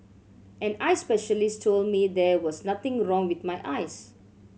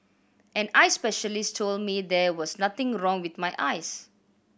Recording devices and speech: mobile phone (Samsung C7100), boundary microphone (BM630), read sentence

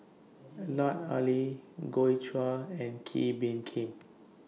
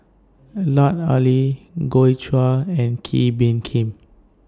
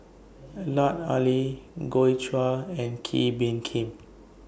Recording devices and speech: mobile phone (iPhone 6), standing microphone (AKG C214), boundary microphone (BM630), read sentence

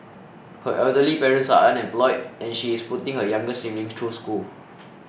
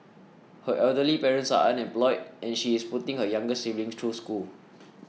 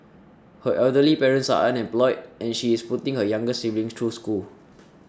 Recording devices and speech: boundary microphone (BM630), mobile phone (iPhone 6), standing microphone (AKG C214), read sentence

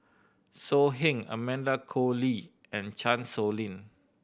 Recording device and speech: boundary microphone (BM630), read sentence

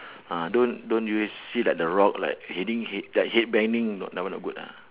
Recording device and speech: telephone, conversation in separate rooms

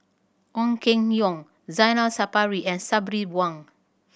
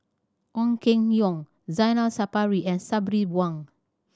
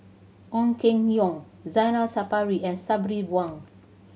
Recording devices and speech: boundary microphone (BM630), standing microphone (AKG C214), mobile phone (Samsung C7100), read sentence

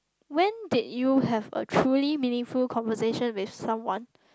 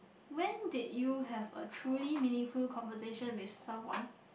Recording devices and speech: close-talking microphone, boundary microphone, conversation in the same room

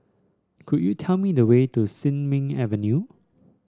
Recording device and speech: standing microphone (AKG C214), read sentence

